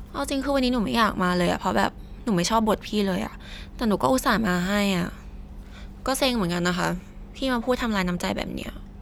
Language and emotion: Thai, frustrated